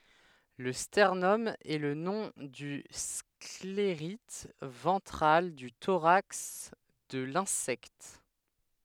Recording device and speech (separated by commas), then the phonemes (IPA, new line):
headset microphone, read sentence
lə stɛʁnɔm ɛ lə nɔ̃ dy skleʁit vɑ̃tʁal dy toʁaks də lɛ̃sɛkt